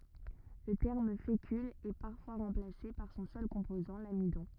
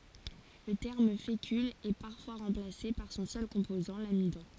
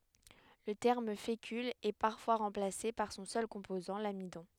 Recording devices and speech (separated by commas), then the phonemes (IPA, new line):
rigid in-ear microphone, forehead accelerometer, headset microphone, read sentence
lə tɛʁm fekyl ɛ paʁfwa ʁɑ̃plase paʁ sɔ̃ sœl kɔ̃pozɑ̃ lamidɔ̃